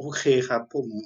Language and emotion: Thai, neutral